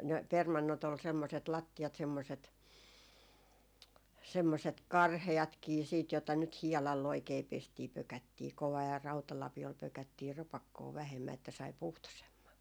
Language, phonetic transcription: Finnish, 'ne , "permannot ‿ol semmoset , 'latti₍at semmoset , 'semmoset "karhe₍atkii siit jota nyt "hiɛlall ‿oikei 'pestii 'pökättii kovaa ja 'rautalapi₍ol 'pökättii 'rapakkoo vähemmä että sai "puhtosemma .
- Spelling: ne permannot oli semmoiset lattiat semmoiset semmoiset karheatkin sitten jota nyt hiedalla oikein pestiin pökättiin kovaa ja rautalapiolla pökättiin rapakkoon vähemmän että sai puhtoisemman

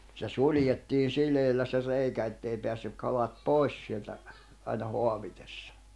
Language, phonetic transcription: Finnish, se 'suĺjettiin̬ 'sileillä se 'reikä ettei peässyk 'kalat "pòis sieltä , aina 'hoavitessᴀ .
- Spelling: se suljettiin sileillä se reikä että ei päässyt kalat pois sieltä aina haavitessa

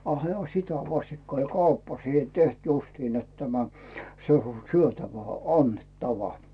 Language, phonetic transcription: Finnish, a "hᵉä » 'sitä 'vastikka oĺ 'kauppa siihe "teht justin net tämä , se o , 'syötävä "annet"tava « .
- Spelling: a hänellä sitä vastikka' oli kauppa siihen tehty justiin että tämä se on syötävä annettava

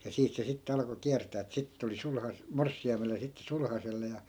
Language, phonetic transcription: Finnish, ja 'siit se 'sitte alᵃko 'kiärtää että 'sittᵉ tuli 'sulhas- , "morssi₍aimele ja sitte 'sulhaselle ja ,.
- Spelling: ja siitä se sitten alkoi kiertää että sitten tuli - morsiamelle ja sitten sulhaselle ja

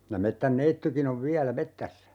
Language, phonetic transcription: Finnish, ja 'mettän"neittykin ‿ov "viälä 'mettässä .
- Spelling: ja metsänneitikin on vielä metsässä

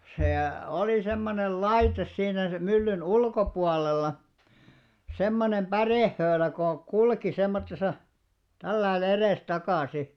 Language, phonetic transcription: Finnish, 'sè , 'olì semmonel "laites siinä sem 'myllyn "ulkopualel̆la , 'semmonem "ʙärèhhöölä ko , 'kulki 'semmottesa , tälläi'l ‿erès'takàsi .
- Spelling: se oli semmoinen laite siinä sen myllyn ulkopuolella semmoinen pärehöylä kun kulki semmoisessa tällä lailla edestakaisin

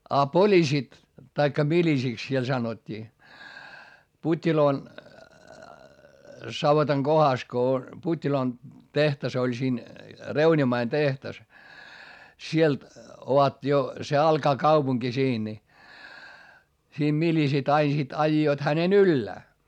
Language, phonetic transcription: Finnish, a polisit , taikka milisiks siel sanot́t́ii , Put́t́iloo , savotaŋ Gohas ko , Put́t́iloon , tehtas ‿oĺ siin , reuńimain tehtas , sielt ovat jo , se alkaa kaupuŋki siin ni , siim milisit ‿ain sit aijjoit hänen ‿yllää .
- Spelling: ja poliisit tai miliisiksi siellä sanottiin Puttiloon savotan kohdassa kun Puttiloon tehdas oli siinä reunimmainen tehdas sieltä ovat jo se alkaa kaupunki siinä niin siinä miliisit aina sitten ajoivat hänen ylös

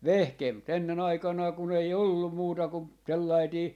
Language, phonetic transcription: Finnish, "(vehkee) mu't ‿ennen ‿aikanaa kun ‿ei "ollum 'muuta ku , 'sellaitii , .
- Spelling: - mutta ennen aikanaan kun ei ollut muuta kuin sellainen

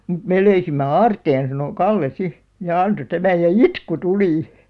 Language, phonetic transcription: Finnish, » mᵘt 'mè löysimme "aarteen « sano , "Kalle "si , ja 'anto 'tämäj ja "itku "tuli .
- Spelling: mutta me löysimme aarteen sanoi Kalle sitten ja antoi tämän ja itku tuli

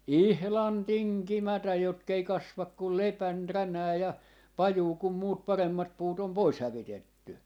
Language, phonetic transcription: Finnish, "ihlan "tiŋkimätäj jotk ‿ei 'kasvak kul "lepän "ränää ja , "pajuu kum muut 'paremmat 'puut ‿om "pois 'hävitetty .
- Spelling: ihan tinkimättä jotka ei kasva kuin lepän ränää ja pajua kun muut paremmat puut on pois hävitetty

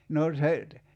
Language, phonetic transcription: Finnish, no 'se (nyt) ,.
- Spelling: no se nyt

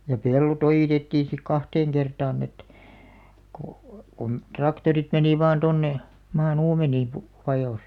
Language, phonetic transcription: Finnish, ja "pello't ‿ojìtettiin̬ sik "kahteeŋ 'kertaan ‿et , ko , kun "traktorit 'menì vaan tonne , 'maa"n ‿uumenii , pu- , 'vajòs .
- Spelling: ja pellot ojitettiin sitten kahteen kertaan että kun kun traktorit meni vain tuonne maan uumeniin - vajosi

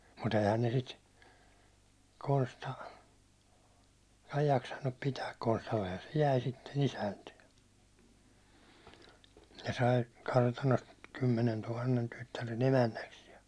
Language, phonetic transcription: Finnish, mu't ‿eihän ne sit , 'Konsta , ei jaksannup pitääk Konstallehan se "jäi sitten isänty₍e , se sai , 'kartanost 'kymmenentuhannen tyttären 'emännäks ja ,.
- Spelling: mutta eihän ne sitä Konsta ei jaksanut pitää Konstallehan se jäi sitten isäntye se sai kartanosta kymmenentuhannen tyttären emännäksi ja

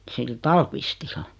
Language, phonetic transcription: Finnish, sil "Tàlkvistillᴀ .
- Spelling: sillä Tallqvistilla

